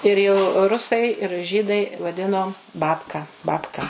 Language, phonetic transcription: Lithuanian, ir jau ˈrusai ir ˈžydai vaˈdino ˈbabka ˈbabka

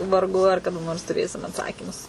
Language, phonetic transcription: Lithuanian, varˈgu ar kaˈda nors tuˈrėsim atˈsakymus

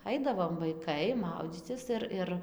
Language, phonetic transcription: Lithuanian, ˈaidavom vaiˈkai ˈmaudzycis ir ˈir

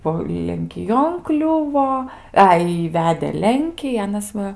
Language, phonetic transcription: Lithuanian, ˈbuo lenkiˈjon ˈkliuvo ˈai i ˈvedė ˈlenkį ˈanas ˈva

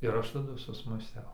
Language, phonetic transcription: Lithuanian, ir ˈaš taˈdu susmąˈstiau

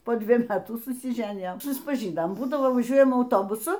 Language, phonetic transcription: Lithuanian, po ˈdviej ˈmetų susiˈženijom suspaˈžynom ˈbūdavo vaˈžiuojam auˈtobusu

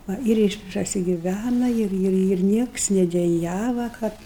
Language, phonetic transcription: Lithuanian, ˈva ir iš prasigiˈvæna ˈir ˈir ir ˈnieks nedeˈjava ˈkad

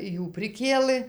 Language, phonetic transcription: Lithuanian, ˈjų priˈkėlɘ

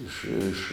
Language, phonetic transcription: Lithuanian, ˈiš iš

